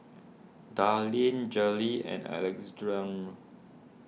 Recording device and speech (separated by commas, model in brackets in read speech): mobile phone (iPhone 6), read sentence